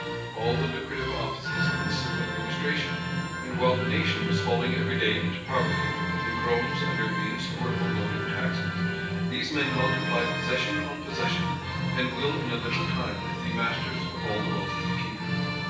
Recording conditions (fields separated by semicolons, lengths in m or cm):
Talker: one person; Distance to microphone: 9.8 m; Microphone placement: far; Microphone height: 1.8 m; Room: large; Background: music